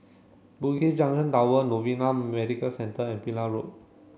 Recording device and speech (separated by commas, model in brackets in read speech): mobile phone (Samsung C7), read sentence